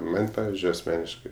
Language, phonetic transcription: Lithuanian, ˈman' ˈpavizdžiui asˈmeniškai

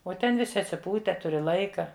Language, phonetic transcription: Lithuanian, o ˈten viˈsi atsiˈpūte ˈturi ˈlaika

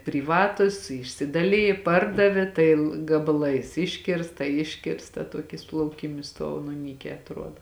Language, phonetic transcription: Lithuanian, pryˈvatus išsidaˈlijė ˈpardavė tai l gabaˈlais ˈiškirsta ˈiškirsta ˈtuokis lauˈkymis ˈstuov nu ˈnykē atˈruoda

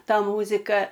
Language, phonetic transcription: Lithuanian, ˈta ˈmūzika

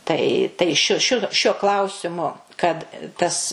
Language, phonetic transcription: Lithuanian, ˈtai tai ˈšiu ˈšiu šiuo ˈklausimu kad tas

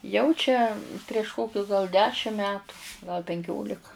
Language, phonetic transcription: Lithuanian, 'jau čia prieš ˈkokius gal ˈdešim ˈmetu gal penˈkiolika

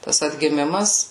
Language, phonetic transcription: Lithuanian, ˈtas atgiˈmimas

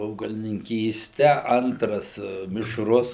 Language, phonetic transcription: Lithuanian, augalininˈkyste ˈantras mišˈrus

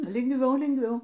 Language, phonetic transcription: Lithuanian, lingˈviau lingˈviau

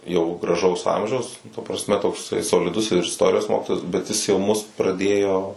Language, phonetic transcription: Lithuanian, jau graˈžaus ˈamžiaus ta prasˈme tokˈsai soliˈdus ir isˈtorijos ˈmokitojas bet ˈjis jau ˈmus praˈdėjo

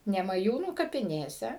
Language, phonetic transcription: Lithuanian, nemaˈjūnų kapiˈnėse

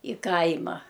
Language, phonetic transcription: Lithuanian, i ˈkaima

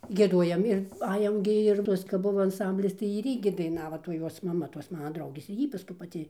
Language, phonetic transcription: Lithuanian, gieˈduojam ir ˈajam gi ir ˈtuos kap ˈbuvo anˈsamblis tai ir ˈy gi daiˈnavo toj ˈjuos maˈma tos ˈmana ˈdraugės ir ˈjy paˈskui paˈti

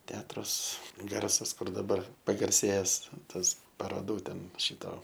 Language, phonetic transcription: Lithuanian, ˈteatrus ˈgarsas ˈkur daˈbar pagarˈsėjes ˈtas paroˈdų ˈten ˈšito

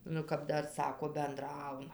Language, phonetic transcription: Lithuanian, ˈnu kap ˈdar ˈsako benˈdrauna

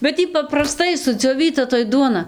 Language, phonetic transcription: Lithuanian, bet ˈy papraˈstai sudzioˈvyta toj ˈduona

